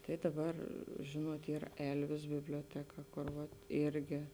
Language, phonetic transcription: Lithuanian, tai daˈbar ˈžėnuot ˈyr ˈelvis biblioˈteka kur ˈvat ˈirgi

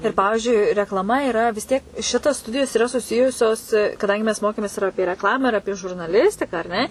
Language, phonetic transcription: Lithuanian, ir ˈpavižiui reklaˈma iˈra vis ˈtiek ˈšitas ˈstudijos iˈra suˈsijusios kaˈdangi mes ˈmokėmės ir ˈapie rekˈlamą ir ˈapie žurnaˈlistiką ar ˈne

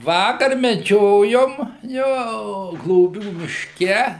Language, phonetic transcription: Lithuanian, ˈvakar meˈdžiojom ˈjo gloˈbių mišˈke

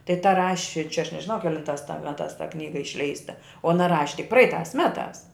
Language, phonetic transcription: Lithuanian, tai ta ˈraši čia aš nežiˈnau keˈlintās ta ˈmetās ta ˈknyga išˈleista o aˈna ˈraši tik ˈpraitās ˈmetās

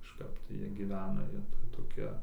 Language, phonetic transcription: Lithuanian, kažˈkap tai ˈjie giˈvena ˈjie tai toˈkie

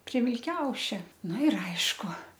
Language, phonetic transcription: Lithuanian, prie vilˈkiaušia ˈnu ir ˈaišku

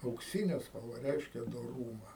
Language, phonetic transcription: Lithuanian, aukˈsine spalˈva ˈreiškia doˈrūma

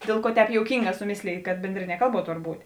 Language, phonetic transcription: Lithuanian, ˈdėl ˌkuo ˈtēp jouˈkynˌgā suˈmėslėj kad ˈbendrinie ˈkalˌbuo ˈtor ˈbūt'

